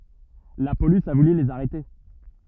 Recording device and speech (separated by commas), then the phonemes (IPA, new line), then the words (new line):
rigid in-ear microphone, read sentence
la polis a vuly lez aʁɛte
La police a voulu les arrêter.